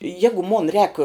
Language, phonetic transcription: Lithuanian, ˈjegu mon rēk

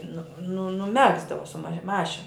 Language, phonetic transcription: Lithuanian, ˈnu nu nuˈmegzdavo su ma ˈmašin

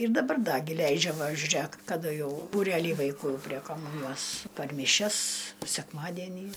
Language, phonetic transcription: Lithuanian, ir daˈbar ˈda gi ˈleidžia ˈva žiuˈrėk kaˈdu ˈjau būˈrelį vaiˈkų prie kaˈmūnijos par miˈšias sekˈmadienį

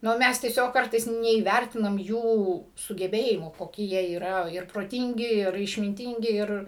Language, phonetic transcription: Lithuanian, ˈnu ˈmes tieˈsiog ˈkartais neįˈværtinam ˈjų sugeˈbėjimų koˈki jie yˈra ir proˈtingi ir išminˈtingi ˈir

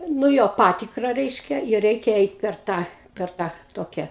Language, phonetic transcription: Lithuanian, nu ˈjo ˈpatikra ˈreiškia ir ˈreikia ˈeit per ˈtą per ˈtą ˈtokia

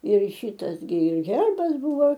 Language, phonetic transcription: Lithuanian, ir ˈšytas gi ˈherbas ˈbuvo

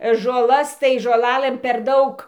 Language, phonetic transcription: Lithuanian, žoˈlas tai žoˈlalɘm per ˈdaug

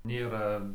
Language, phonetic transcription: Lithuanian, ˈnėra

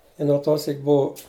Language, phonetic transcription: Lithuanian, i no ˈto ˈsyk ˈbuu

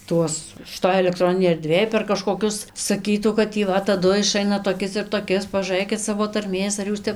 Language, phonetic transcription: Lithuanian, ˈtuos šiˈtoj elekˈtroninėj erˈdvėj per kažkoˈkius saˈkytų kad tį ˈva taˈdu iˈšaina toˈkis ir toˈkis pažūˈrɘkit ˈsavo tarˈmės ar ˈjūs ˈtep

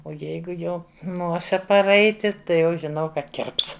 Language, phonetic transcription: Lithuanian, o ˈjeigu ˈjau ˈnosi paˈraiti ˈtai jau žiˈnau ˈkad ˈkirps

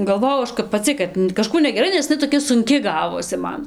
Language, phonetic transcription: Lithuanian, galˈvojau ˈaš kap paˈci kad kaˈžkų negeˈrai nes ne iˈnai toˈkia sunˈki ˈgavosi ˈman

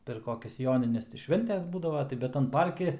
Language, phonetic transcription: Lithuanian, per ˈkokias ˈjonines tai ˈšventes ˈbūdava tai ˈbet tan ˈparki

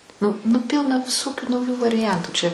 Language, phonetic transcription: Lithuanian, ˈnu nu ˈpilna viˈsokių nauˈjų variˈjantų čia

